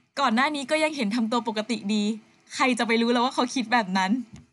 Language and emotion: Thai, happy